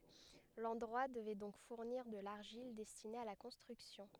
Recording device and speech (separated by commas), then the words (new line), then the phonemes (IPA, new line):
headset microphone, read sentence
L'endroit devait donc fournir de l'argile destiné à la construction.
lɑ̃dʁwa dəvɛ dɔ̃k fuʁniʁ də laʁʒil dɛstine a la kɔ̃stʁyksjɔ̃